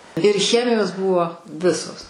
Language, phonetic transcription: Lithuanian, ir ˈchemijos ˈbuvo ˈvisos

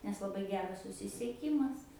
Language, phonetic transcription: Lithuanian, nes laˈbai ˈgeras susisieˈkymas

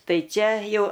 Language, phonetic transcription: Lithuanian, ˈtai ˈčia ˈjau

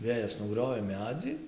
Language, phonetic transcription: Lithuanian, ˈvėjas nuˈgriovė ˈmedzį

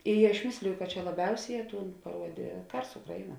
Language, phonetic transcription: Lithuanian, i aš ˈmisliju ka čia laˈbiausėˌjē ˈtūn paˈruodė ˈkars ˈukraiˌnuo

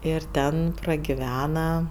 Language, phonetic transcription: Lithuanian, ir ˈten pragiˈvena

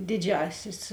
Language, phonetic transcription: Lithuanian, ˈdiˌdžiasis

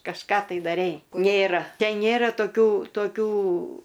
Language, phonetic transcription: Lithuanian, kažˈką tai daˈrei ˈnėra ˈten ˈnėra toˈkių toˈkių

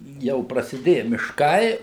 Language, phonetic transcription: Lithuanian, ˈjau prasiˈdėja mišˈkai

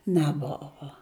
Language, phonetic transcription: Lithuanian, neˈbovo

